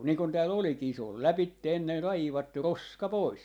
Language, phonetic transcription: Finnish, nii kon 'tääl 'olikii se ‿ol "läpitte 'enne 'raivattu "roska "pois .
- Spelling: niin kun täällä olikin se oli lävitse ennen raivattu roska pois

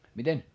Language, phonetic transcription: Finnish, miten ?
- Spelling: miten

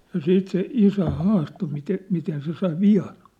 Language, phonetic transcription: Finnish, ja "siit se "isä "haasto mite'- , 'miten se sai "vi₍an̬ .
- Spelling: ja sitten se isä haastoi - miten se sai vian

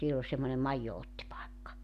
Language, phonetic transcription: Finnish, 'siell ‿ol semmone "maijjo₍ottipaekka .
- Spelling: siellä oli semmoinen maidonottipaikka

